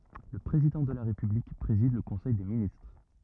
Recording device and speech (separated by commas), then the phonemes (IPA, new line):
rigid in-ear microphone, read sentence
lə pʁezidɑ̃ də la ʁepyblik pʁezid lə kɔ̃sɛj de ministʁ